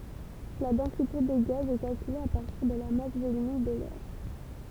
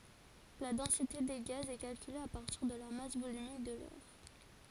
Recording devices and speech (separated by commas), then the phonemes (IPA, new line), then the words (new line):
temple vibration pickup, forehead accelerometer, read sentence
la dɑ̃site de ɡaz ɛ kalkyle a paʁtiʁ də la mas volymik də lɛʁ
La densité des gaz est calculée à partir de la masse volumique de l'air.